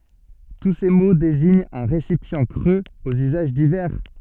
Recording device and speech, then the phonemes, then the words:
soft in-ear microphone, read sentence
tu se mo deziɲt œ̃ ʁesipjɑ̃ kʁøz oz yzaʒ divɛʁ
Tous ces mots désignent un récipient creux aux usages divers.

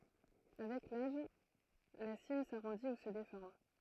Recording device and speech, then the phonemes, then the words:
throat microphone, read sentence
avɛk laʒ la sim saʁɔ̃di u sə defɔʁm
Avec l'âge, la cime s'arrondit ou se déforme.

